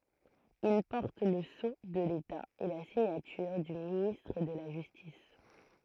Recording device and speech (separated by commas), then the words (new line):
throat microphone, read sentence
Il porte le sceau de l'État et la signature du ministre de la Justice.